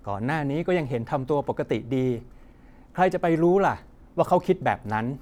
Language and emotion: Thai, frustrated